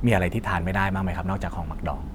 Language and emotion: Thai, neutral